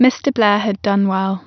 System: none